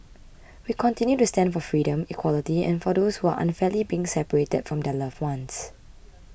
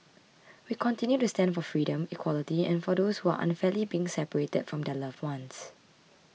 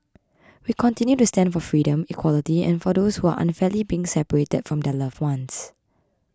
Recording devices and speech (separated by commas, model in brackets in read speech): boundary microphone (BM630), mobile phone (iPhone 6), close-talking microphone (WH20), read sentence